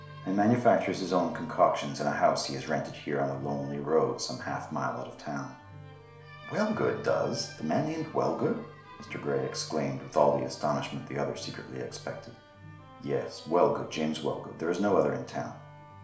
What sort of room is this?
A small room.